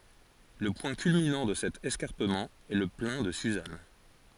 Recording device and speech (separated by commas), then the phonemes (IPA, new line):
forehead accelerometer, read sentence
lə pwɛ̃ kylminɑ̃ də sɛt ɛskaʁpəmɑ̃ ɛ lə plɛ̃ də syzan